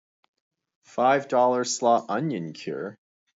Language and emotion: English, disgusted